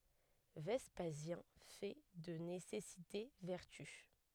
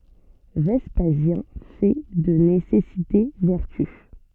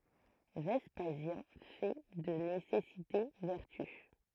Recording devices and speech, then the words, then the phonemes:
headset microphone, soft in-ear microphone, throat microphone, read sentence
Vespasien fait de nécessité vertu.
vɛspazjɛ̃ fɛ də nesɛsite vɛʁty

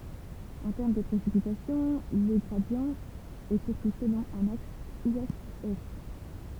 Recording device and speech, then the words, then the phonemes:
temple vibration pickup, read sentence
En termes de précipitations, le gradient est surtout selon un axe ouest-est.
ɑ̃ tɛʁm də pʁesipitasjɔ̃ lə ɡʁadi ɛ syʁtu səlɔ̃ œ̃n aks wɛstɛst

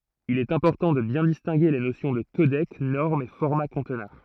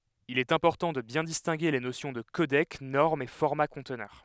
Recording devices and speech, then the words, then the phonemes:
throat microphone, headset microphone, read sentence
Il est important de bien distinguer les notions de codec, norme et format conteneur.
il ɛt ɛ̃pɔʁtɑ̃ də bjɛ̃ distɛ̃ɡe le nosjɔ̃ də kodɛk nɔʁm e fɔʁma kɔ̃tnœʁ

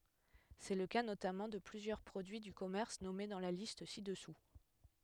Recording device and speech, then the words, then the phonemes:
headset microphone, read sentence
C'est le cas notamment de plusieurs produits du commerce nommés dans la liste ci-dessous.
sɛ lə ka notamɑ̃ də plyzjœʁ pʁodyi dy kɔmɛʁs nɔme dɑ̃ la list si dəsu

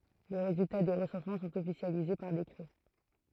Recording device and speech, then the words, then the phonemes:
throat microphone, read sentence
Les résultats des recensements sont officialisés par décret.
le ʁezylta de ʁəsɑ̃smɑ̃ sɔ̃t ɔfisjalize paʁ dekʁɛ

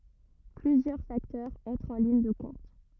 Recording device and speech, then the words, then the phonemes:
rigid in-ear microphone, read sentence
Plusieurs facteurs entrent en ligne de compte.
plyzjœʁ faktœʁz ɑ̃tʁt ɑ̃ liɲ də kɔ̃t

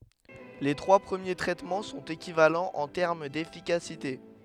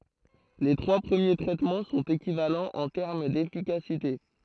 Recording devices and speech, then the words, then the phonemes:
headset microphone, throat microphone, read sentence
Les trois premiers traitements sont équivalents en termes d'efficacité.
le tʁwa pʁəmje tʁɛtmɑ̃ sɔ̃t ekivalɑ̃z ɑ̃ tɛʁm defikasite

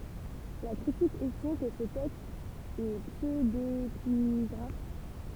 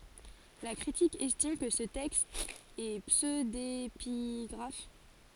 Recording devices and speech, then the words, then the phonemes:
temple vibration pickup, forehead accelerometer, read sentence
La critique estime que ce texte est pseudépigraphe.
la kʁitik ɛstim kə sə tɛkst ɛ psødepiɡʁaf

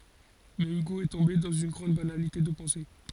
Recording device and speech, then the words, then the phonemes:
forehead accelerometer, read sentence
Mais Hugo est tombé dans une grande banalité de pensée.
mɛ yɡo ɛ tɔ̃be dɑ̃z yn ɡʁɑ̃d banalite də pɑ̃se

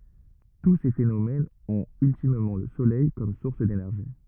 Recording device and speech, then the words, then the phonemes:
rigid in-ear microphone, read sentence
Tous ces phénomènes ont ultimement le soleil comme source d'énergie.
tu se fenomɛnz ɔ̃t yltimmɑ̃ lə solɛj kɔm suʁs denɛʁʒi

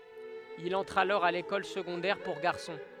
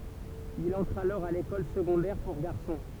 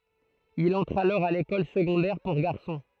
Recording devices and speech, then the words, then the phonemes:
headset microphone, temple vibration pickup, throat microphone, read sentence
Il entre alors à l'école secondaire pour garçons.
il ɑ̃tʁ alɔʁ a lekɔl səɡɔ̃dɛʁ puʁ ɡaʁsɔ̃

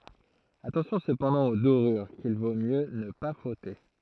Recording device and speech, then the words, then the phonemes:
throat microphone, read sentence
Attention cependant aux dorures qu'il vaut mieux ne pas frotter.
atɑ̃sjɔ̃ səpɑ̃dɑ̃ o doʁyʁ kil vo mjø nə pa fʁɔte

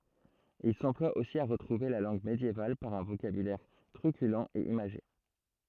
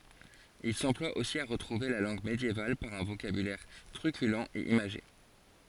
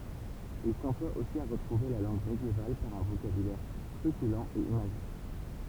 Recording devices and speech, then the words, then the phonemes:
throat microphone, forehead accelerometer, temple vibration pickup, read sentence
Il s'emploie aussi à retrouver la langue médiévale par un vocabulaire truculent et imagé.
il sɑ̃plwa osi a ʁətʁuve la lɑ̃ɡ medjeval paʁ œ̃ vokabylɛʁ tʁykylɑ̃ e imaʒe

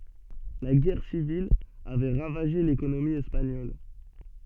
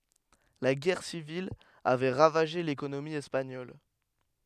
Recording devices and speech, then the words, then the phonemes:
soft in-ear microphone, headset microphone, read sentence
La guerre civile avait ravagé l'économie espagnole.
la ɡɛʁ sivil avɛ ʁavaʒe lekonomi ɛspaɲɔl

